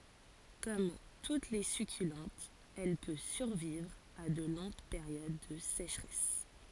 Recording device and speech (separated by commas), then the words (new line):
forehead accelerometer, read sentence
Comme toutes les succulentes, elle peut survivre à de longues périodes de sécheresse.